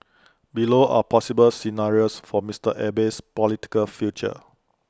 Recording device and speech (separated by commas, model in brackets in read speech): close-talking microphone (WH20), read sentence